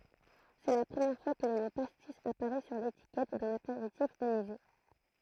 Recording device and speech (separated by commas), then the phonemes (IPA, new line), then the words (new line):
throat microphone, read sentence
sɛ la pʁəmjɛʁ fwa kə lə mo pastis apaʁɛ syʁ letikɛt dœ̃n apeʁitif anize
C'est la première fois que le mot pastis apparaît sur l'étiquette d'un apéritif anisé.